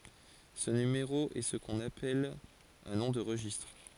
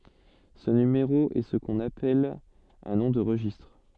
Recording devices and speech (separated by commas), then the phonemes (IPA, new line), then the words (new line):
forehead accelerometer, soft in-ear microphone, read sentence
sə nymeʁo ɛ sə kɔ̃n apɛl œ̃ nɔ̃ də ʁəʒistʁ
Ce numéro est ce qu'on appelle un nom de registre.